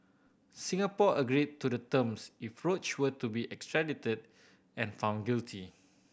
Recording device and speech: boundary microphone (BM630), read sentence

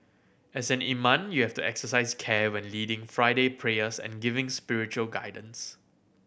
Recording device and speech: boundary microphone (BM630), read sentence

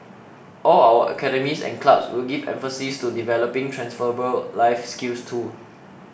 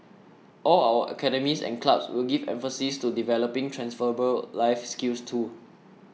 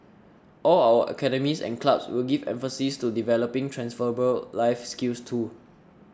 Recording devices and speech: boundary microphone (BM630), mobile phone (iPhone 6), standing microphone (AKG C214), read sentence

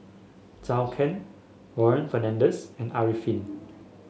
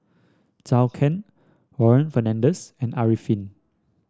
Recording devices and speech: mobile phone (Samsung S8), standing microphone (AKG C214), read sentence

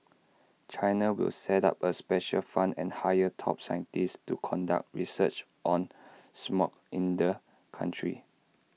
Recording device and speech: mobile phone (iPhone 6), read sentence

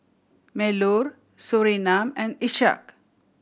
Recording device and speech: boundary microphone (BM630), read sentence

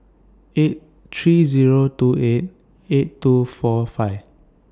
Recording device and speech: standing microphone (AKG C214), read sentence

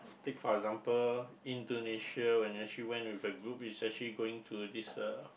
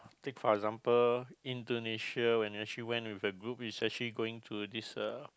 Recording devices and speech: boundary microphone, close-talking microphone, conversation in the same room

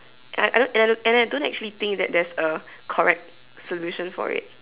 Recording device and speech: telephone, conversation in separate rooms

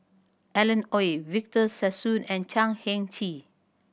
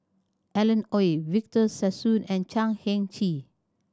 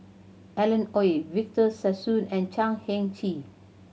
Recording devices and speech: boundary microphone (BM630), standing microphone (AKG C214), mobile phone (Samsung C7100), read sentence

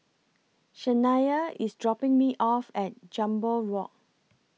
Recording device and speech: mobile phone (iPhone 6), read sentence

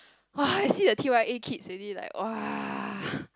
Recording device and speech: close-talking microphone, conversation in the same room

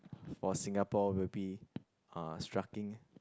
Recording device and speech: close-talking microphone, conversation in the same room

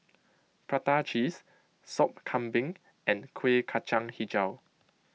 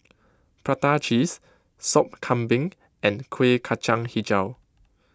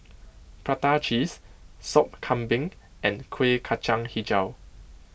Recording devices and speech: mobile phone (iPhone 6), close-talking microphone (WH20), boundary microphone (BM630), read sentence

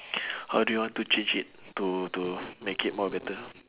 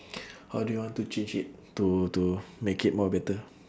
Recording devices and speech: telephone, standing microphone, conversation in separate rooms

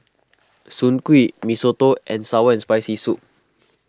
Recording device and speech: close-talking microphone (WH20), read sentence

